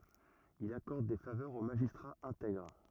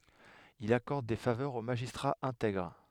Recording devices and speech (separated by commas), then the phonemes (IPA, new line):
rigid in-ear microphone, headset microphone, read sentence
il akɔʁd de favœʁz o maʒistʁaz ɛ̃tɛɡʁ